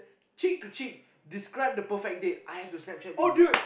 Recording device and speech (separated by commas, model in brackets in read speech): boundary microphone, conversation in the same room